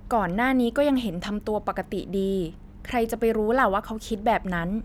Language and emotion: Thai, neutral